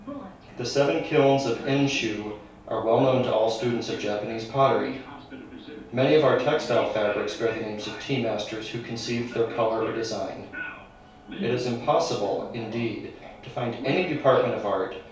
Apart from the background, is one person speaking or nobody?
One person.